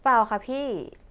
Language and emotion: Thai, neutral